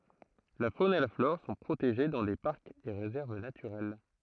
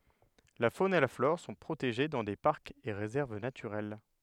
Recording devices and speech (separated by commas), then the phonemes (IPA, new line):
throat microphone, headset microphone, read sentence
la fon e la flɔʁ sɔ̃ pʁoteʒe dɑ̃ de paʁkz e ʁezɛʁv natyʁɛl